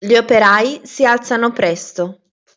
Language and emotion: Italian, neutral